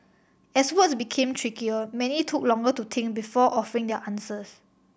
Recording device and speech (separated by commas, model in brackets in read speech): boundary microphone (BM630), read sentence